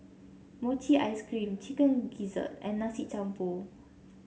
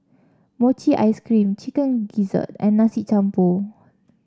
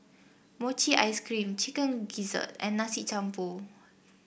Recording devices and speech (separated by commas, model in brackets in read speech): mobile phone (Samsung C7), standing microphone (AKG C214), boundary microphone (BM630), read sentence